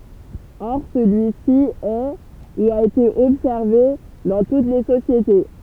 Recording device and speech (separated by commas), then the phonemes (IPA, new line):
temple vibration pickup, read sentence
ɔʁ səlyi si ɛ u a ete ɔbsɛʁve dɑ̃ tut le sosjete